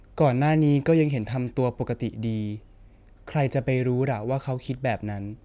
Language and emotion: Thai, neutral